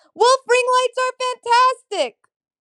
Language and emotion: English, neutral